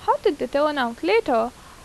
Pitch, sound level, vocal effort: 305 Hz, 85 dB SPL, normal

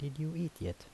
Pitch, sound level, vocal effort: 140 Hz, 74 dB SPL, soft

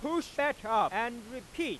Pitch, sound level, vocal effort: 275 Hz, 104 dB SPL, very loud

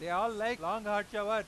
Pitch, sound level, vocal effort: 215 Hz, 104 dB SPL, loud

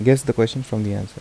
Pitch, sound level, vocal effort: 115 Hz, 79 dB SPL, soft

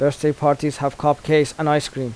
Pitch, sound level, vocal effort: 145 Hz, 85 dB SPL, normal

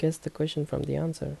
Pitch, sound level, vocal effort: 150 Hz, 74 dB SPL, soft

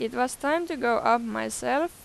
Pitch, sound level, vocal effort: 250 Hz, 91 dB SPL, loud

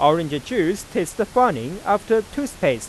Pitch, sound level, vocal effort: 200 Hz, 94 dB SPL, normal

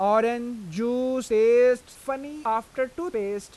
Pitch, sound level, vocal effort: 255 Hz, 96 dB SPL, loud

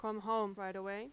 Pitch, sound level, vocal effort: 215 Hz, 90 dB SPL, loud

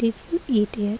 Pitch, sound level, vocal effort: 225 Hz, 74 dB SPL, soft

